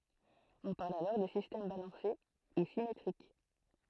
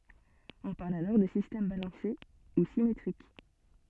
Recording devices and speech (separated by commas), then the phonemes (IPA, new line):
throat microphone, soft in-ear microphone, read sentence
ɔ̃ paʁl alɔʁ də sistɛm balɑ̃se u simetʁik